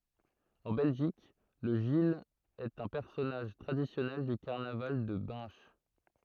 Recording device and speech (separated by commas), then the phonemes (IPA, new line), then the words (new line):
throat microphone, read sentence
ɑ̃ bɛlʒik lə ʒil ɛt œ̃ pɛʁsɔnaʒ tʁadisjɔnɛl dy kaʁnaval də bɛ̃ʃ
En Belgique, le gille est un personnage traditionnel du carnaval de Binche.